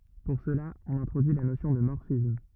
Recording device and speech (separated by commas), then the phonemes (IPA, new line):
rigid in-ear microphone, read sentence
puʁ səla ɔ̃n ɛ̃tʁodyi la nosjɔ̃ də mɔʁfism